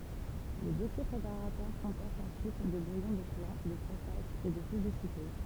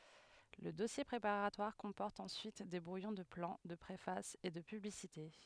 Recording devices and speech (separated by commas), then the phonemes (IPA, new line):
temple vibration pickup, headset microphone, read sentence
lə dɔsje pʁepaʁatwaʁ kɔ̃pɔʁt ɑ̃syit de bʁujɔ̃ də plɑ̃ də pʁefas e də pyblisite